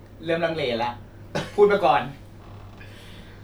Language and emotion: Thai, frustrated